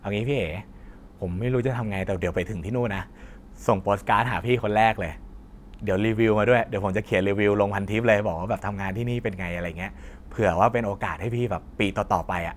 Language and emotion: Thai, neutral